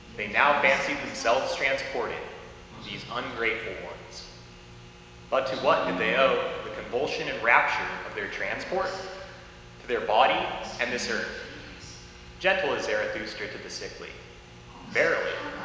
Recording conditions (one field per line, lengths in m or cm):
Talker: one person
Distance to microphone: 1.7 m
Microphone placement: close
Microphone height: 1.0 m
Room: very reverberant, large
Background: television